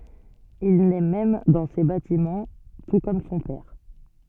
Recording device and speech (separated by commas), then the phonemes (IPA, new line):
soft in-ear microphone, read sentence
il nɛ mɛm dɑ̃ se batimɑ̃ tu kɔm sɔ̃ pɛʁ